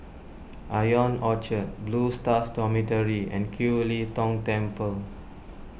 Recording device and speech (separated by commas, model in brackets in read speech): boundary microphone (BM630), read sentence